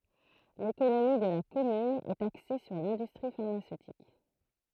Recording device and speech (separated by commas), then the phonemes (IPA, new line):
throat microphone, read sentence
lekonomi də la kɔmyn ɛt akse syʁ lɛ̃dystʁi faʁmasøtik